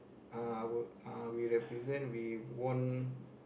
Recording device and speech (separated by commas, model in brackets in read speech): boundary microphone, conversation in the same room